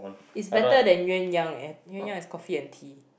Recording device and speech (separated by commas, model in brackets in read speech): boundary microphone, conversation in the same room